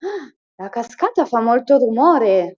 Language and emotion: Italian, surprised